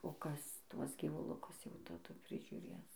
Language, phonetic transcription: Lithuanian, o ˈkas ˈtuos gyvuˈlukus jau taˈdu prižiuˈrės

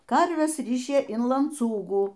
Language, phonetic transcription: Lithuanian, ˈkarves ˈrišė in lanˈcūgų

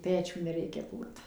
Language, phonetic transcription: Lithuanian, ˈpečių neˈreikia ˈkūrt

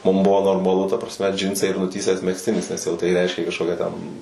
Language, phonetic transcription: Lithuanian, ˈmum ˈbuvo normaˈlu ta prasˈme ˈdžinsai ir nuˈtįsęs megzˈtinis nes jau tai ˈreiškė kažˈkokią ten

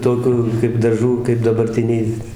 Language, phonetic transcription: Lithuanian, ˈtokiu kaip daˈžų kaip dabarˈtiniai

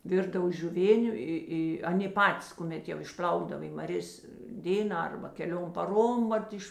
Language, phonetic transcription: Lithuanian, ˈvirdav žiuˈvėniu ˈi ˈi ˈaˌnė ˈpatis kuˈmet jau išˈpl'aukdav i maˈrės ˈdėnā ˈarba keˈliom paˈrom ˈvat iš

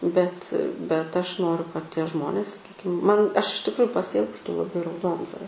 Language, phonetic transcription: Lithuanian, bet bet ˈaš ˈnoriu kad ˈtie ˈžmonės saˈkykim ˈman ˈaš iš tikˈruju pasiˈilgstu laˈbai rauˈdondvario

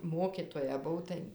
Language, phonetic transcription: Lithuanian, ˈmokitoja ˈbuv tai

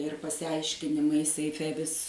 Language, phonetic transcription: Lithuanian, ir pasiˈaiškinimai seiˈfe vis

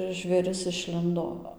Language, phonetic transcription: Lithuanian, žvėˈris išˈlindo

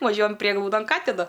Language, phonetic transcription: Lithuanian, vaˈžiuojam ˈprieglaudon ˈkatina

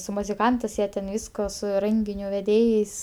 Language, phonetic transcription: Lithuanian, su muziˈkantɜs ˈjie ten ˈvysko su ˈrenginiu veˈdėjais

